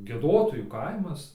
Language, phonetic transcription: Lithuanian, gieˈdotojų ˈkaimas

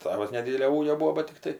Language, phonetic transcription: Lithuanian, ˈtavas neˈdydelio ˈūgio ˈbūo ˈbat tikˈtai

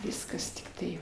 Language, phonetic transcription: Lithuanian, ˈviskas tikˈtai

